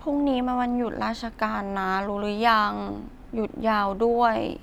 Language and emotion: Thai, frustrated